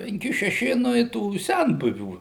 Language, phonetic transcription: Lithuanian, penˈki šeˈši ˈnu i tų ˈsenbuvių

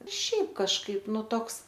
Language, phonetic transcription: Lithuanian, ˈšiaip kažˈkaip ˈnu ˈtoks

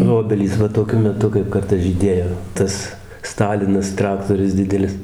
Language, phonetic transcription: Lithuanian, nu ˈobelys ˈva toˈkiu meˈtu kaip ˈkartas žyˈdėjo ˈtas ˈstalinas ˈtraktorius ˈdidelis

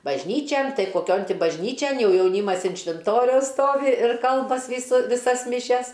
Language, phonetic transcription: Lithuanian, bažˈnyčian ˈtai koˈkion ˈti bažˈnyčian ˈjau jauˈnymas in švinˈtoriaus ˈstovi ir ˈkalbas' ˈvysu viˈsas miˈšias

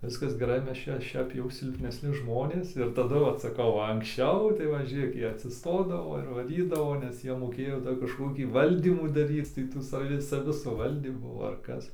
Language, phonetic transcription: Lithuanian, ˈviskas geˈrai ˈmes ˈčia ˈšiap jau silpnesˈni ˈžmonės ir taˈdu ˈvat saˈkau va anksˈčiau tai ˈva ˈžėk ˈjie atsisˈtodavo ir vaˈrydavo nes ˈjie moˈkėjo ˈdar kažkoˈkį ˈvaldymu daˈryc tai ˈtų saˈvi saˈvi suˈvaldymų ar ˈkas

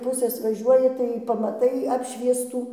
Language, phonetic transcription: Lithuanian, ˈpusės vaˈžiuoji tai pamaˈtai ˈapšviestų

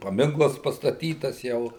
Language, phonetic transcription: Lithuanian, paˈminklas pastaˈtytas ˈjau

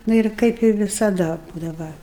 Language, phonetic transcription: Lithuanian, ˈnu ir ˈkaip i visaˈda ˈbūdava

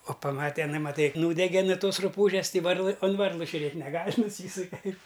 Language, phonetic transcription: Lithuanian, o paˈmate iˈnai maˈtai ˈnūdege nu ˈtos ruˈpūžes ˈtai ˈvarlɨ on ˈvarlɨ žiuˈrėt' neˈgal' nuˈsysuke

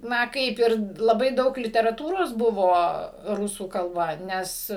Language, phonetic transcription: Lithuanian, ˈna ˈkaip ir laˈbai ˈdaug literaˈtūros ˈbuvo ˈrusų kalˈba ˈnes

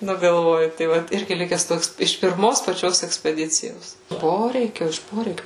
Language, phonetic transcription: Lithuanian, ˈnu galˈvoju tai ˈvat ˈirgi ˈlikes ˈtoks iš pirˈmos paˈčios ekspeˈdicijos ˈporeikio iš ˈporeikiu

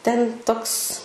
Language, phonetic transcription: Lithuanian, ten' ˈtoks

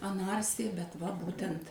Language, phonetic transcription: Lithuanian, aˈnarsija bet va ˈbūtent

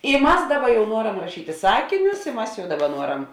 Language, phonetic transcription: Lithuanian, i ˈmas ˈdaˌba jau ˈnuoram raˈšyti ˈsakinius i ˈmas jau ˈdaˌba ˈnuoram

